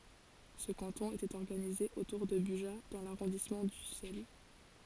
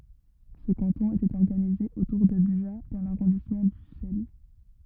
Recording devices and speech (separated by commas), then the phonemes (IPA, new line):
forehead accelerometer, rigid in-ear microphone, read sentence
sə kɑ̃tɔ̃ etɛt ɔʁɡanize otuʁ də byʒa dɑ̃ laʁɔ̃dismɑ̃ dysɛl